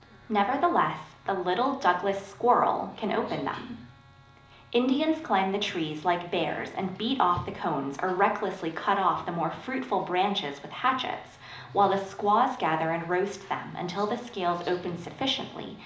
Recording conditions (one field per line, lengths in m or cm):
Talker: one person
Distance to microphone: 2.0 m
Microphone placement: close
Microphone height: 99 cm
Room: medium-sized (5.7 m by 4.0 m)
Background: television